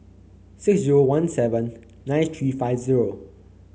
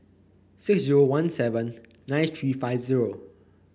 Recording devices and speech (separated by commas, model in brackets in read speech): mobile phone (Samsung C9), boundary microphone (BM630), read sentence